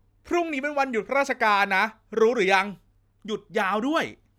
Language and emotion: Thai, happy